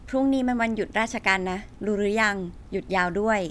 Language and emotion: Thai, neutral